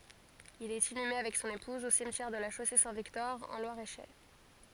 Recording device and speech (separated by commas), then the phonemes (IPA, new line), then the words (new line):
forehead accelerometer, read sentence
il ɛt inyme avɛk sɔ̃n epuz o simtjɛʁ də la ʃose sɛ̃ viktɔʁ ɑ̃ lwaʁ e ʃɛʁ
Il est inhumé avec son épouse au cimetière de La Chaussée-Saint-Victor en Loir-et-Cher.